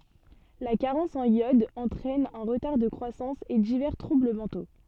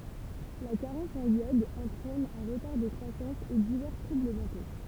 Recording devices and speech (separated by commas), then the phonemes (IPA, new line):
soft in-ear microphone, temple vibration pickup, read sentence
la kaʁɑ̃s ɑ̃n jɔd ɑ̃tʁɛn œ̃ ʁətaʁ də kʁwasɑ̃s e divɛʁ tʁubl mɑ̃to